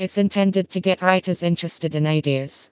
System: TTS, vocoder